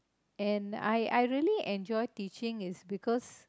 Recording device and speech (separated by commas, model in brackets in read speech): close-talking microphone, conversation in the same room